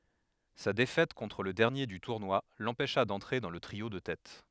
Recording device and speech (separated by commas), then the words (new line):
headset microphone, read sentence
Sa défaite contre le dernier du tournoi l'empêcha d'entrer dans le trio de tête.